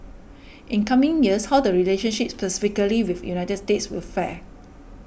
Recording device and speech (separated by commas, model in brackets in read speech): boundary microphone (BM630), read sentence